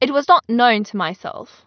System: none